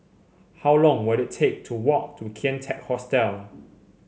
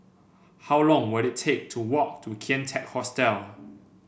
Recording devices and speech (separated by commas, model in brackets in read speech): mobile phone (Samsung C7), boundary microphone (BM630), read sentence